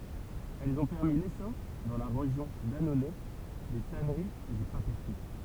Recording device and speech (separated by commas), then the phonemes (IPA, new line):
temple vibration pickup, read sentence
ɛlz ɔ̃ pɛʁmi lesɔʁ dɑ̃ la ʁeʒjɔ̃ danonɛ de tanəʁiz e de papətəʁi